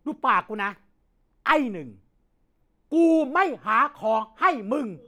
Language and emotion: Thai, angry